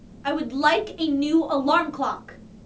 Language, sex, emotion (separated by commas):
English, female, angry